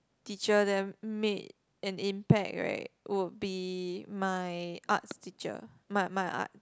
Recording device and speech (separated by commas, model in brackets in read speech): close-talking microphone, conversation in the same room